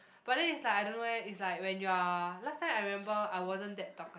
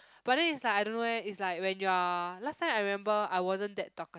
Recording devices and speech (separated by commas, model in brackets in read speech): boundary microphone, close-talking microphone, conversation in the same room